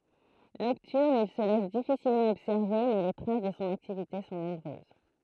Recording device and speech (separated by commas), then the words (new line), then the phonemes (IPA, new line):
throat microphone, read sentence
Nocturne, il se laisse difficilement observer mais les traces de son activité sont nombreuses.
nɔktyʁn il sə lɛs difisilmɑ̃ ɔbsɛʁve mɛ le tʁas də sɔ̃ aktivite sɔ̃ nɔ̃bʁøz